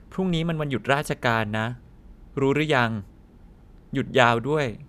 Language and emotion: Thai, neutral